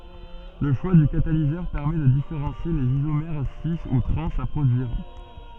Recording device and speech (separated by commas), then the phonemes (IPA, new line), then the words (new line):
soft in-ear microphone, read sentence
lə ʃwa dy katalizœʁ pɛʁmɛ də difeʁɑ̃sje lez izomɛʁ si u tʁɑ̃z a pʁodyiʁ
Le choix du catalyseur permet de différencier les isomères cis ou trans à produire.